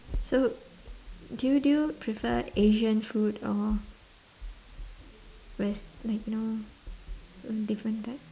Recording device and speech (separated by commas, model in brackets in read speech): standing microphone, conversation in separate rooms